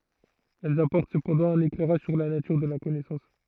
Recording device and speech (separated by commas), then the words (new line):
throat microphone, read sentence
Elles apportent cependant un éclairage sur la nature de la connaissance.